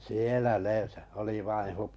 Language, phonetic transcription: Finnish, 'sielä 'ne , oli vain̬ 'hup- .
- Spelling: siellä ne oli vain -

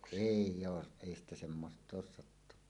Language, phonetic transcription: Finnish, èi , 'èij̆j ‿oo , èi ‿stä semmosᵗ ‿oos sattunna .
- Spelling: ei ei ole ei sitä semmoista ole sattunut

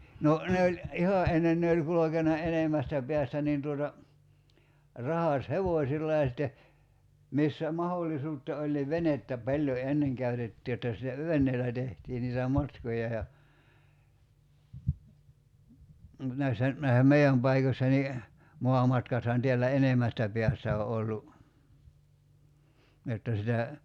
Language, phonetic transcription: Finnish, no , ne oĺ , "iha '’ennen ne oĺ 'kulokena 'enemmästä peästä niin tuota , 'rahas"hevòśilla ja sitte , 'missä 'mahollisuutta oĺ niv "venettä 'paĺjo 'enneŋ käytetti jotta sitä , 'ven̆neel̆lä tehtii niitä 'matkoja ja , 'näissä , (näissä) "mei₍äm 'paikośsa ni , 'moamatkathan teällä "enemästä 'pḙästä o ollu , 'jotta sitä ,.
- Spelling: no ne oli ihan ennen ne oli kulkenut enemmästä päästä niin tuota ratsashevosilla ja sitten missä mahdollisuutta oli niin venettä paljon ennen käytettiin jotta sitä veneellä tehtiin niitä matkoja ja näissä näissä meidän paikossa niin maamatkathan täällä enemmästä päästä on ollut jotta sitä

